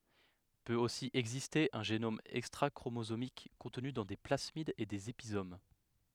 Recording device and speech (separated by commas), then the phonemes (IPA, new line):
headset microphone, read sentence
pøt osi ɛɡziste œ̃ ʒenom ɛkstʁakʁomozomik kɔ̃tny dɑ̃ de plasmidz e dez epizom